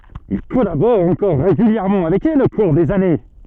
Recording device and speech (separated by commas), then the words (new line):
soft in-ear microphone, read sentence
Il collabore encore régulièrement avec elle au cours des années.